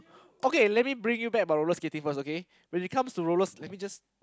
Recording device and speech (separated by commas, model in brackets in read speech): close-talking microphone, conversation in the same room